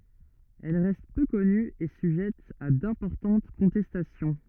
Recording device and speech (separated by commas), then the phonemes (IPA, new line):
rigid in-ear microphone, read sentence
ɛl ʁɛst pø kɔny e syʒɛt a dɛ̃pɔʁtɑ̃t kɔ̃tɛstasjɔ̃